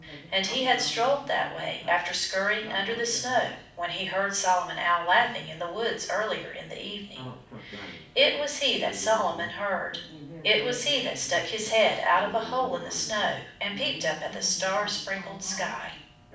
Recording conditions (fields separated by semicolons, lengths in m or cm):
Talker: one person; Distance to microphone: 5.8 m; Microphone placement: far; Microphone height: 1.8 m; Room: medium-sized (5.7 m by 4.0 m); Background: television